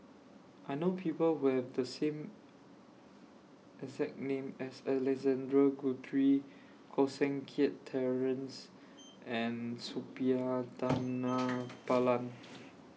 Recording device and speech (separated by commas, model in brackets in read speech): mobile phone (iPhone 6), read sentence